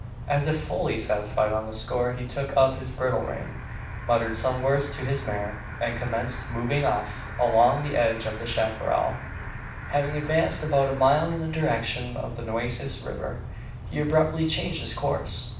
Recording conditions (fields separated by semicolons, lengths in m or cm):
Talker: one person; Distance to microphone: 5.8 m; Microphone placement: far; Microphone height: 1.8 m; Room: medium-sized (5.7 m by 4.0 m); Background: television